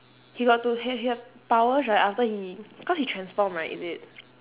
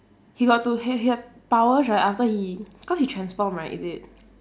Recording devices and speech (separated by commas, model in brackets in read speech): telephone, standing microphone, conversation in separate rooms